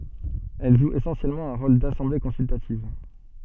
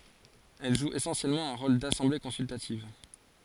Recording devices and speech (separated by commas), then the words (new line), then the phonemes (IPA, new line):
soft in-ear microphone, forehead accelerometer, read sentence
Elle joue essentiellement un rôle d'assemblée consultative.
ɛl ʒu esɑ̃sjɛlmɑ̃ œ̃ ʁol dasɑ̃ble kɔ̃syltativ